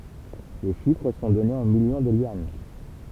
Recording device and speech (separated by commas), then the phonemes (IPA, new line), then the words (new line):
temple vibration pickup, read sentence
le ʃifʁ sɔ̃ dɔnez ɑ̃ miljɔ̃ də jyɑ̃
Les chiffres sont donnés en millions de yuan.